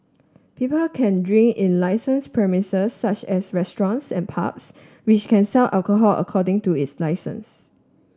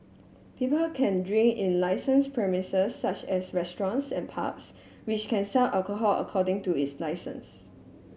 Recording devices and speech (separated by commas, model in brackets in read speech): standing microphone (AKG C214), mobile phone (Samsung S8), read sentence